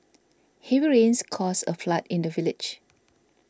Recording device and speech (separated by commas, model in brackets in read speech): standing microphone (AKG C214), read sentence